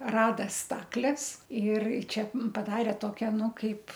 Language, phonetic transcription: Lithuanian, ˈrada ˈstakles ir ˈčia ˈmum paˈdare ˈtokia ˈnu ˈkaip

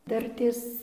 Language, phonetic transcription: Lithuanian, ˈdartės

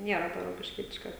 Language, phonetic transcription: Lithuanian, ˈniera to rokišˈkietiška

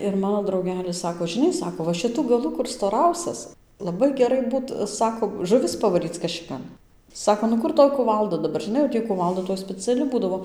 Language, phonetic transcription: Lithuanian, ir ˈmano drauˈgelis ˈsako žiˈnai ˈsako va šiˈtu gaˈlu kur stoˈrausias laˈbai geˈrai ˈbūt ˈsako žuˈvis pavaˈryc kašiˈkan ˈsako nu ˈkur ˈtoj kuˈvalda daˈbar ˈžiˈnai jau ˈtį kuˈvalda toj speˈciali ˈbūdavo

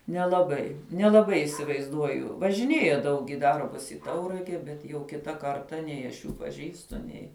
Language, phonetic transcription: Lithuanian, nelaˈbai nelaˈbai isivaizˈduoju važiˈnėja ˈdaug i ˈdarbus i ˈtaurage ˈbet jau ˈkita ˈkarta ˈnei aš ˈjų paˈžįstu ˈnei

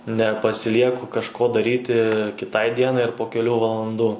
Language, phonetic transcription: Lithuanian, nepasiˈlieku kažˈko daˈryti kiˈtai ˈdienai ar po keˈlių valanˈdų

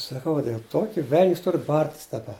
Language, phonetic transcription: Lithuanian, saˈkau dėl ˈtoki vel'n's' ˈtur ˈbartis daˈba

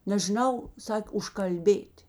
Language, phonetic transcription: Lithuanian, nežiˈnau ˈsakė užkalˈbėt'

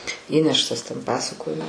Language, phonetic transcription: Lithuanian, ˈįneštas ten ˈpasakojo

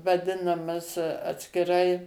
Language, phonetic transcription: Lithuanian, vaˈdinamas atskiˈrai

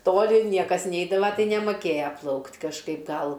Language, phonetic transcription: Lithuanian, ˈtoli ˈniekas ˈneidava tai nemoˈkėja ˈplaukt' kažˈkaip ˈgal

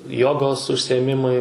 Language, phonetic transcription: Lithuanian, ˈjogos užsiėˈmimai

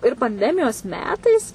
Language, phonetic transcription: Lithuanian, ir panˈdemijos ˈmetais

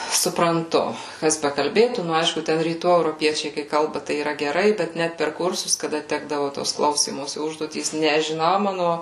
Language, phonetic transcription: Lithuanian, supranˈtu ˈkas bekalˈbėtų ˈnu ˈaišku ˈten ryˈtų euroˈpiečiai kai ˈkalba tai yˈra geˈrai ˈbet ˈnæt per ˈkursus kaˈda ˈtekdavo tos ˈklausymosi ˈužduotys nežiˈnau ˈmano

